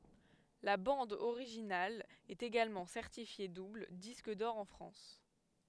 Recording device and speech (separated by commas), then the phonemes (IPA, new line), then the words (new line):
headset microphone, read sentence
la bɑ̃d oʁiʒinal ɛt eɡalmɑ̃ sɛʁtifje dubl disk dɔʁ ɑ̃ fʁɑ̃s
La bande originale est également certifiée double disque d'or en France.